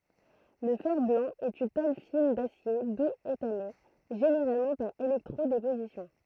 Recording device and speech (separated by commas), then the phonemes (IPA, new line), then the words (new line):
throat microphone, read sentence
lə fɛʁ blɑ̃ ɛt yn tol fin dasje duz etame ʒeneʁalmɑ̃ paʁ elɛktʁo depozisjɔ̃
Le fer-blanc est une tôle fine d'acier doux étamée, généralement par électro-déposition.